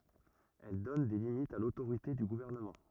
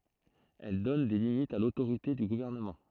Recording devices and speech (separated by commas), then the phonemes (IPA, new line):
rigid in-ear microphone, throat microphone, read sentence
ɛl dɔn de limitz a lotoʁite dy ɡuvɛʁnəmɑ̃